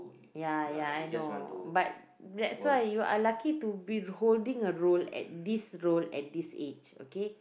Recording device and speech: boundary microphone, conversation in the same room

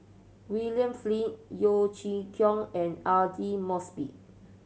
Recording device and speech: mobile phone (Samsung C7100), read sentence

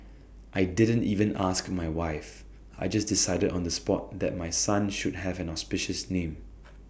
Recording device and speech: boundary microphone (BM630), read sentence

